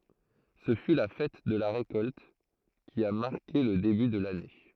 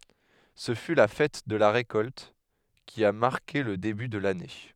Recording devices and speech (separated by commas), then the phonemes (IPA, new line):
throat microphone, headset microphone, read sentence
sə fy la fɛt də la ʁekɔlt ki a maʁke lə deby də lane